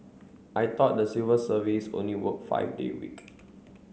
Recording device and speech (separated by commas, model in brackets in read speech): mobile phone (Samsung C9), read sentence